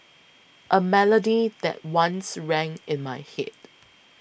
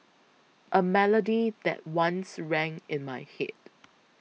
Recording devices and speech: boundary microphone (BM630), mobile phone (iPhone 6), read sentence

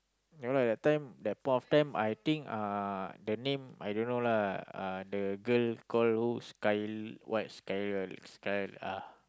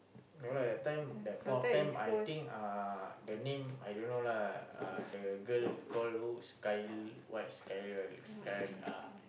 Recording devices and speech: close-talking microphone, boundary microphone, conversation in the same room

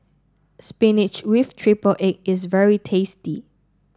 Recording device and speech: standing microphone (AKG C214), read sentence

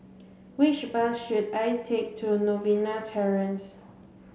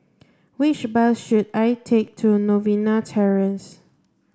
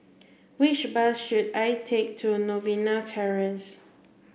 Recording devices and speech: mobile phone (Samsung C7), standing microphone (AKG C214), boundary microphone (BM630), read sentence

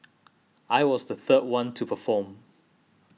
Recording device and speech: mobile phone (iPhone 6), read sentence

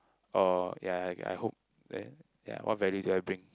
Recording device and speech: close-talking microphone, conversation in the same room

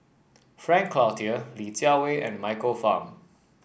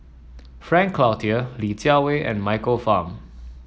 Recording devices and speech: boundary microphone (BM630), mobile phone (iPhone 7), read sentence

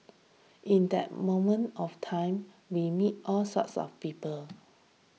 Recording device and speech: mobile phone (iPhone 6), read sentence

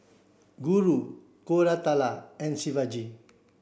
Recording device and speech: boundary microphone (BM630), read sentence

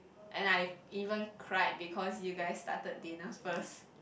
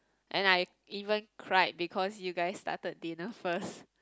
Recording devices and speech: boundary microphone, close-talking microphone, conversation in the same room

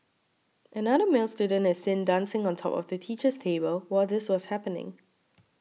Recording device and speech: mobile phone (iPhone 6), read sentence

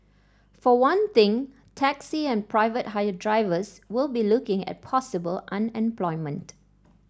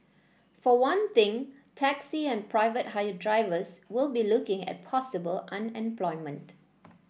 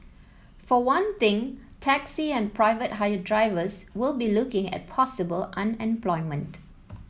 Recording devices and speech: standing microphone (AKG C214), boundary microphone (BM630), mobile phone (iPhone 7), read sentence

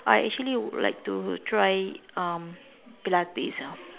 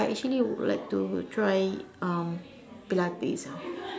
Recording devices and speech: telephone, standing microphone, conversation in separate rooms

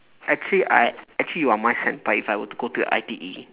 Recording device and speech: telephone, conversation in separate rooms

